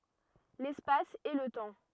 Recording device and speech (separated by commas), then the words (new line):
rigid in-ear microphone, read sentence
L'espace et le temps.